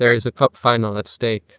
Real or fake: fake